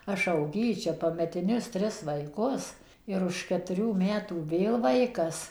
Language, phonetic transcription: Lithuanian, ˈaš auˈgyčia pametiˈnius ˈtris vaiˈkus ir už ketuˈrių ˈmetų ˈvėl ˈvaikas

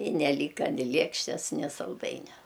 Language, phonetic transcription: Lithuanian, i neˈlyka ni ˈliekštes ni salˈdainia

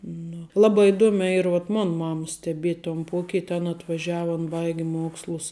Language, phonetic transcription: Lithuanian, nu ˈlaba iˈduomiā ˈyr vuot ˈmon ˈmamas steˈbiet' ton ˈpuokit' an atvaˈžiava an ˈbaigi ˈmuokslus

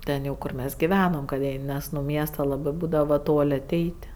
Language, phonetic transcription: Lithuanian, ˈten jau ˈkur mes giˈvenom kad ˈjei ˈnes nu ˈmiesta ˈlabɜ ˈbūdavo ˈtol' aˈteit'

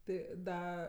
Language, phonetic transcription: Lithuanian, ˈtai ˈda

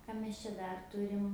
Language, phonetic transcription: Lithuanian, ka mes čia ˈdar ˈturim

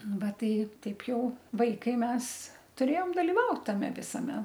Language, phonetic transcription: Lithuanian, ˈva ˈtai ˈtaip ˈjau ˈvaikai ˈmes tuˈrėjom daliˈvaut taˈme visaˈme

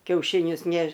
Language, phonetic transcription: Lithuanian, kiaušiˈnius ˈneš

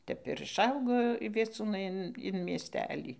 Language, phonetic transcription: Lithuanian, ˈtep ir išˈaugo vieˈcūnai in in miesˈtelį

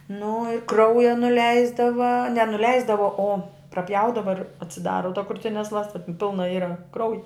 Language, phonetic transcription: Lithuanian, nu i ˈkrauja nuˈleisdava ne nuˈleisdava o praˈpjaudava ir atsiˈdara ta kruˈtines ˈlasta ˈpilna ˈyra ˈkrauji

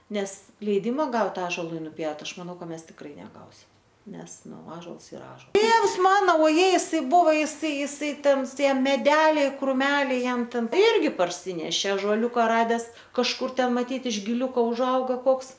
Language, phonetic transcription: Lithuanian, ˈnes leiˈdima ˈgaut ˈąžolui nuˈpjaut ˈaš maˈnau ˈmes tikˈrai neˈgausim ˈnes ˈnu ˈąžols iˈra ˈąžol ˈtėvs ˈmano oˈjei iˈsai ˈbuvo jiˈsai jiˈsai ˈten ˈtie meˈdeliai kruˈmeliai ˈjam ˈten ˈirgi parˈsynešė ažoˈliūka ˈrades kažˈkur ˈten maˈtyt iš giˈliūko užˈauga ˈkoks

